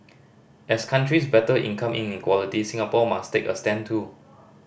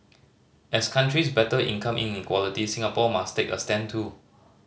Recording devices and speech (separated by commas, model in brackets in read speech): boundary microphone (BM630), mobile phone (Samsung C5010), read sentence